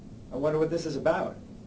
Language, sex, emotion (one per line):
English
male
neutral